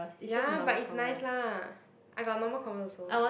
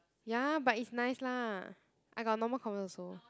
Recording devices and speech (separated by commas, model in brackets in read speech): boundary microphone, close-talking microphone, conversation in the same room